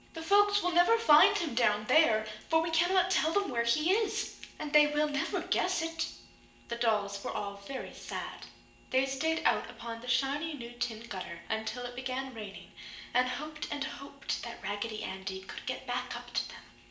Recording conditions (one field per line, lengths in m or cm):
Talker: one person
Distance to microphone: 1.8 m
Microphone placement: close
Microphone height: 1.0 m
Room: large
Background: none